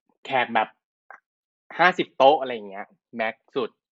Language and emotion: Thai, neutral